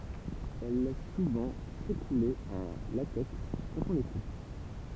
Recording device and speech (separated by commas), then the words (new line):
temple vibration pickup, read sentence
Elles laissent souvent s'écouler un latex quand on les coupe.